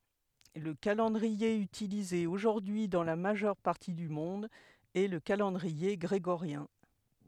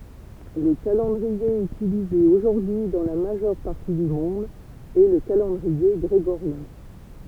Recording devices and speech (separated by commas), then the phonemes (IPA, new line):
headset microphone, temple vibration pickup, read sentence
lə kalɑ̃dʁie ytilize oʒuʁdyi dɑ̃ la maʒœʁ paʁti dy mɔ̃d ɛ lə kalɑ̃dʁie ɡʁeɡoʁjɛ̃